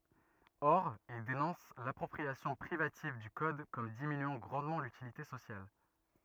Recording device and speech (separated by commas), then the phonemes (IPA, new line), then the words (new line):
rigid in-ear microphone, read sentence
ɔʁ il denɔ̃s lapʁɔpʁiasjɔ̃ pʁivativ dy kɔd kɔm diminyɑ̃ ɡʁɑ̃dmɑ̃ lytilite sosjal
Or, il dénonce l'appropriation privative du code comme diminuant grandement l'utilité sociale.